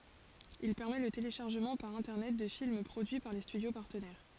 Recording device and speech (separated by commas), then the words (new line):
forehead accelerometer, read sentence
Il permet le téléchargement par Internet de films produits par les studios partenaires.